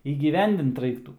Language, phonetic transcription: Lithuanian, įgyˈvendint ˈraiktų

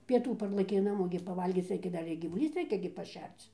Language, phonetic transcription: Lithuanian, pieˈtų ˈparlɘkei ˈnamo gi paˈvalgyc ˈreikia ˈdar ir gyvuˈlys ˈreikia gi paˈšerc

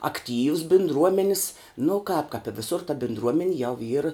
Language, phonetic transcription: Lithuanian, akˈtyvs bindˈruomenis nu kāp kap i viˈsur ta bindˈruomeni jau yr

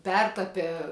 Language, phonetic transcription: Lithuanian, ˈpertape

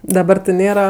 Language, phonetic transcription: Lithuanian, daˈbar ti ˈnėra

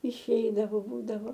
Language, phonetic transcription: Lithuanian, išˈeidavau ˈbūdavo

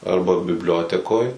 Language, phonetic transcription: Lithuanian, ˈarba bibˈliotekoj

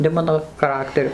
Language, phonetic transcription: Lithuanian, ne ˈmano chaˈrakteriu

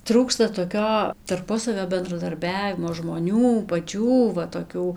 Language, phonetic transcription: Lithuanian, ˈtrūksta toˈkio tarˈpusavio bendradarˈbiavimo žmoˈnių paˈčių va toˈkių

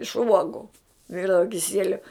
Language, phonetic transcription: Lithuanian, iš ˈuogu ˈvirdava kiˈsieliu

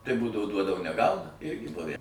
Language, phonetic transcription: Lithuanian, tai ˈbūdavo ˈduodavo neˈgauna ˈirgi ˈbuvæ

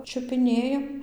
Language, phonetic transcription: Lithuanian, čiupiˈnėjam

